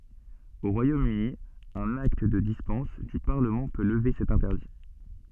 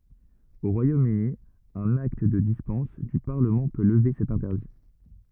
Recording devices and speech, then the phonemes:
soft in-ear microphone, rigid in-ear microphone, read sentence
o ʁwajom yni œ̃n akt də dispɑ̃s dy paʁləmɑ̃ pø ləve sɛt ɛ̃tɛʁdi

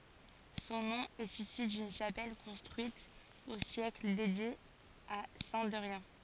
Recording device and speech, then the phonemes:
forehead accelerometer, read sentence
sɔ̃ nɔ̃ ɛt isy dyn ʃapɛl kɔ̃stʁyit o sjɛkl dedje a sɛ̃ dɛʁjɛ̃

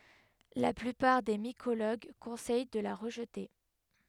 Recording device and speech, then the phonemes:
headset microphone, read sentence
la plypaʁ de mikoloɡ kɔ̃sɛj də la ʁəʒte

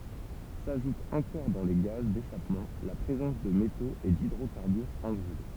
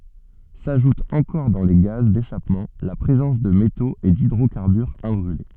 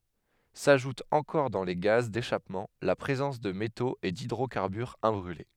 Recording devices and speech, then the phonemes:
temple vibration pickup, soft in-ear microphone, headset microphone, read sentence
saʒut ɑ̃kɔʁ dɑ̃ le ɡaz deʃapmɑ̃ la pʁezɑ̃s də metoz e didʁokaʁbyʁz ɛ̃bʁyle

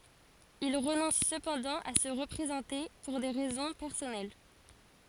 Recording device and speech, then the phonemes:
forehead accelerometer, read sentence
il ʁənɔ̃s səpɑ̃dɑ̃ a sə ʁəpʁezɑ̃te puʁ de ʁɛzɔ̃ pɛʁsɔnɛl

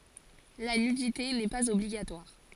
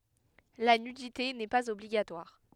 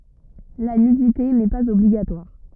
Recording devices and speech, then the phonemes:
forehead accelerometer, headset microphone, rigid in-ear microphone, read sentence
la nydite nɛ paz ɔbliɡatwaʁ

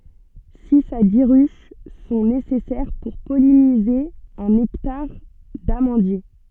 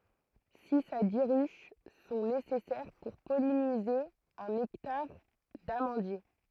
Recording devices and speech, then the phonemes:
soft in-ear microphone, throat microphone, read sentence
siz a di ʁyʃ sɔ̃ nesɛsɛʁ puʁ pɔlinize œ̃n ɛktaʁ damɑ̃dje

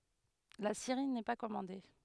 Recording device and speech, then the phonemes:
headset microphone, read sentence
la seʁi nɛ pa kɔmɑ̃de

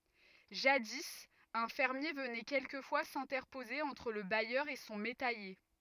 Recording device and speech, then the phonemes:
rigid in-ear microphone, read sentence
ʒadi œ̃ fɛʁmje vənɛ kɛlkəfwa sɛ̃tɛʁpoze ɑ̃tʁ lə bajœʁ e sɔ̃ metɛje

